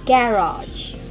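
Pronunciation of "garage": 'Garage' is said the British way, with the stress on the first syllable.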